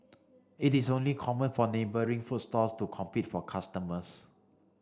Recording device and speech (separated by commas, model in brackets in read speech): standing microphone (AKG C214), read sentence